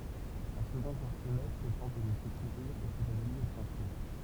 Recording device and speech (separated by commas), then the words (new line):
temple vibration pickup, read sentence
Un second quartier-maître tente de le secourir et s'évanouit à son tour.